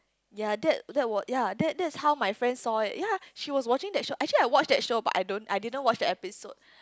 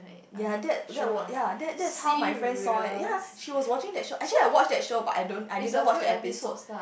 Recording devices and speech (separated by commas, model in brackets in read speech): close-talking microphone, boundary microphone, conversation in the same room